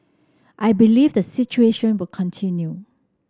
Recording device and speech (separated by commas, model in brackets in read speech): standing microphone (AKG C214), read sentence